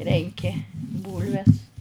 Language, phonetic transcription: Lithuanian, ˈrenki ˈbūlves

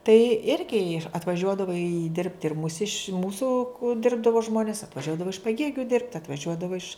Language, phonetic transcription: Lithuanian, tai ˈirgi atvaˈžiuodavo i ˈdirbti ir muˈsiš ˈmūsu ˈdirbdavo ˈžmonis atvaˈžiuodavo iš paˈgėgiu dirbt atvaˈžiuodavo iš

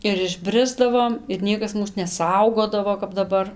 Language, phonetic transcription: Lithuanian, ir išˈbrisdavom ir ˈniekas ˈmūs neˈsaugodavo kap daˈbar

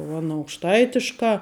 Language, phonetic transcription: Lithuanian, u aˈna aukšˈtaitiškā

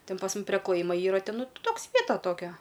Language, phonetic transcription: Lithuanian, ˈtin pas ˈmum pre klaˈjimo ˈyra ˈten ˈnu ˈtoks ˈvieta ˈtokia

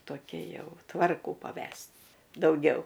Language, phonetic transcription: Lithuanian, toˈkia ˈjau ˈtvarkų paˈves't' dauˈgiau

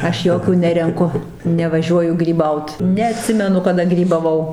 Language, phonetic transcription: Lithuanian, ˈaš ˈjokių ˈnerenku nevaˈžiuoju gryˈbaut neaˈtsimenu kaˈda grybaˈvau

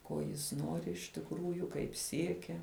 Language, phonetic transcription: Lithuanian, ˈko jis ˈnori iš tikˈrųju kaip ˈsiekia

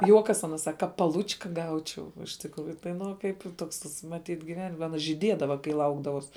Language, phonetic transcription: Lithuanian, ˈjuokas aˈna sak ˈka paˈlučka ˈgaučiau iš tikˈrųju tai ˈnu o ˈkaip ˈtoks tas maˈtyt giˈven aˈna žyˈdiedava kai ˈlaukdavuos

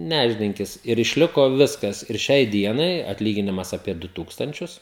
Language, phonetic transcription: Lithuanian, ˈnešdinkis ir išˈliko ˈviskas ir ˈšiai ˈdienai atˈlyginimas apie ˈdu ˈtūkstančius

